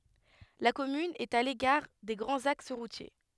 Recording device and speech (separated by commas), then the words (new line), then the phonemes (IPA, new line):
headset microphone, read sentence
La commune est à l'écart des grands axes routiers.
la kɔmyn ɛt a lekaʁ de ɡʁɑ̃z aks ʁutje